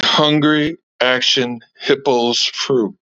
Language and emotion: English, disgusted